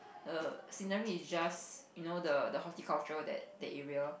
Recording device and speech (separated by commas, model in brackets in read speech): boundary microphone, conversation in the same room